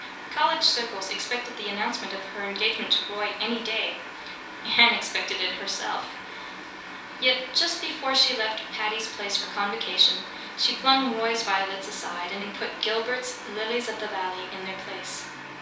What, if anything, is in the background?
Music.